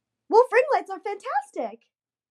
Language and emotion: English, happy